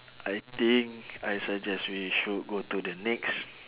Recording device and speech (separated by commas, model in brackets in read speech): telephone, conversation in separate rooms